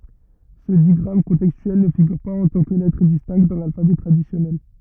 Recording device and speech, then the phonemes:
rigid in-ear microphone, read sentence
sə diɡʁam kɔ̃tɛkstyɛl nə fiɡyʁ paz ɑ̃ tɑ̃ kə lɛtʁ distɛ̃kt dɑ̃ lalfabɛ tʁadisjɔnɛl

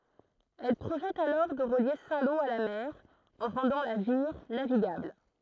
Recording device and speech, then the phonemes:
throat microphone, read sentence
ɛl pʁoʒɛt alɔʁ də ʁəlje sɛ̃ lo a la mɛʁ ɑ̃ ʁɑ̃dɑ̃ la viʁ naviɡabl

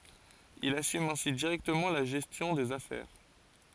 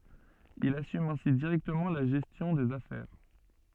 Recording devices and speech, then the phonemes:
forehead accelerometer, soft in-ear microphone, read sentence
il asym ɛ̃si diʁɛktəmɑ̃ la ʒɛstjɔ̃ dez afɛʁ

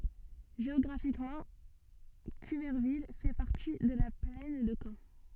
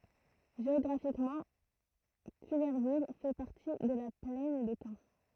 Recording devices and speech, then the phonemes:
soft in-ear microphone, throat microphone, read sentence
ʒeɔɡʁafikmɑ̃ kyvɛʁvil fɛ paʁti də la plɛn də kɑ̃

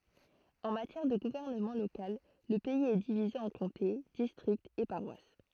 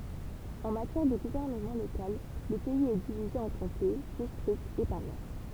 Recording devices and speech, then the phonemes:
throat microphone, temple vibration pickup, read sentence
ɑ̃ matjɛʁ də ɡuvɛʁnəmɑ̃ lokal lə pɛiz ɛ divize ɑ̃ kɔ̃te distʁiktz e paʁwas

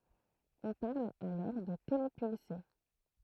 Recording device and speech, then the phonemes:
throat microphone, read sentence
ɔ̃ paʁl alɔʁ də telepylse

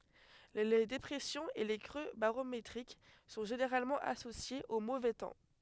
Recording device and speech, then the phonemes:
headset microphone, read sentence
le depʁɛsjɔ̃z e le kʁø baʁometʁik sɔ̃ ʒeneʁalmɑ̃ asosjez o movɛ tɑ̃

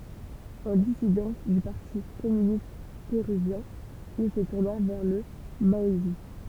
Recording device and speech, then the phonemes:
temple vibration pickup, read sentence
ɑ̃ disidɑ̃s dy paʁti kɔmynist peʁyvjɛ̃ il sə tuʁna vɛʁ lə maɔism

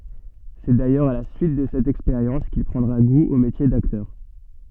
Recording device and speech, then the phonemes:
soft in-ear microphone, read sentence
sɛ dajœʁz a la syit də sɛt ɛkspeʁjɑ̃s kil pʁɑ̃dʁa ɡu o metje daktœʁ

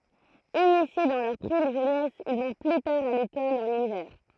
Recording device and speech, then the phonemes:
throat microphone, read sentence
inisje dɑ̃ lœʁ pʁim ʒønɛs il vɔ̃ ply taʁ a lekɔl ɑ̃n ivɛʁ

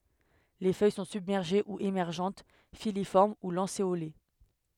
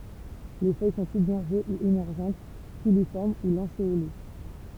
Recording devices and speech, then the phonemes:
headset microphone, temple vibration pickup, read sentence
le fœj sɔ̃ sybmɛʁʒe u emɛʁʒɑ̃t filifɔʁm u lɑ̃seole

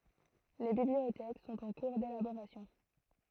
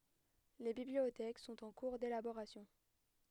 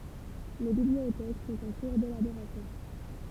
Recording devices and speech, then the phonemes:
throat microphone, headset microphone, temple vibration pickup, read sentence
le bibliotɛk sɔ̃t ɑ̃ kuʁ delaboʁasjɔ̃

